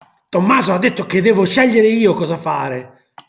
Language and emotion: Italian, angry